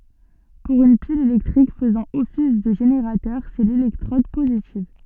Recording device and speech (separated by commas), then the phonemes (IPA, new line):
soft in-ear microphone, read sentence
puʁ yn pil elɛktʁik fəzɑ̃ ɔfis də ʒeneʁatœʁ sɛ lelɛktʁɔd pozitiv